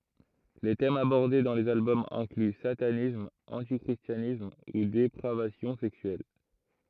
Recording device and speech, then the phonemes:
throat microphone, read sentence
le tɛmz abɔʁde dɑ̃ lez albɔmz ɛ̃kly satanism ɑ̃ti kʁistjanism u depʁavasjɔ̃ sɛksyɛl

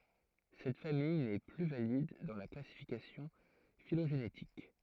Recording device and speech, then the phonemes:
throat microphone, read sentence
sɛt famij nɛ ply valid dɑ̃ la klasifikasjɔ̃ filoʒenetik

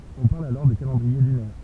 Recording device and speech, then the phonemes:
temple vibration pickup, read sentence
ɔ̃ paʁl alɔʁ də kalɑ̃dʁie lynɛʁ

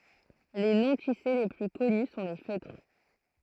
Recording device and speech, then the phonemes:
throat microphone, read sentence
le nɔ̃tise le ply kɔny sɔ̃ le føtʁ

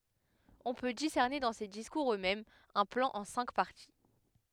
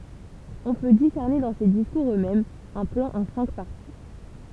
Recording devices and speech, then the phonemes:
headset microphone, temple vibration pickup, read sentence
ɔ̃ pø disɛʁne dɑ̃ se diskuʁz øksmɛmz œ̃ plɑ̃ ɑ̃ sɛ̃k paʁti

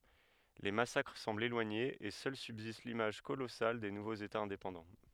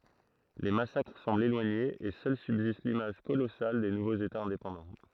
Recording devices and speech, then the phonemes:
headset microphone, throat microphone, read sentence
le masakʁ sɑ̃blt elwaɲez e sœl sybzist limaʒ kolɔsal de nuvoz etaz ɛ̃depɑ̃dɑ̃

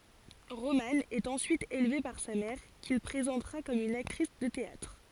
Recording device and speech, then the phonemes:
forehead accelerometer, read sentence
ʁomɑ̃ ɛt ɑ̃syit elve paʁ sa mɛʁ kil pʁezɑ̃tʁa kɔm yn aktʁis də teatʁ

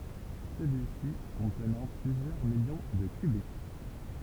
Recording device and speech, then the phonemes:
temple vibration pickup, read sentence
səlyi si kɔ̃tnɑ̃ plyzjœʁ miljɔ̃ də kbi

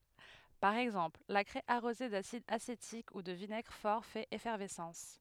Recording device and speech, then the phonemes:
headset microphone, read sentence
paʁ ɛɡzɑ̃pl la kʁɛ aʁoze dasid asetik u də vinɛɡʁ fɔʁ fɛt efɛʁvɛsɑ̃s

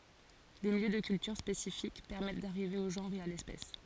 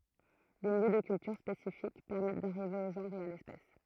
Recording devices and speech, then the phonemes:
forehead accelerometer, throat microphone, read sentence
de miljø də kyltyʁ spesifik pɛʁmɛt daʁive o ʒɑ̃ʁ e a lɛspɛs

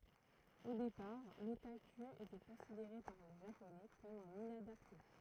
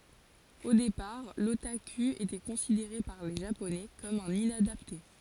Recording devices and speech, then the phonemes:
throat microphone, forehead accelerometer, read sentence
o depaʁ lotaky etɛ kɔ̃sideʁe paʁ le ʒaponɛ kɔm œ̃n inadapte

